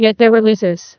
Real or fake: fake